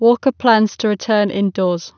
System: none